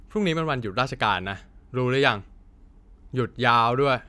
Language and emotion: Thai, frustrated